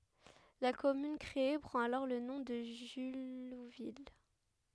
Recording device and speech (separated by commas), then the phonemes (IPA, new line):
headset microphone, read sentence
la kɔmyn kʁee pʁɑ̃t alɔʁ lə nɔ̃ də ʒyluvil